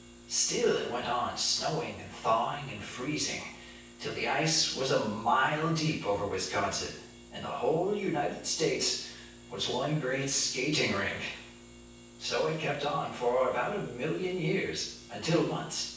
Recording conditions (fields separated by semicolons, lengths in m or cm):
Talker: one person; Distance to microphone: 9.8 m; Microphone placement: far; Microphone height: 1.8 m; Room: large; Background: none